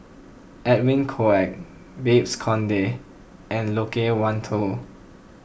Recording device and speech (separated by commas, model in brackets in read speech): boundary microphone (BM630), read sentence